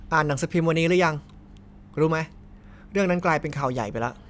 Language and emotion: Thai, neutral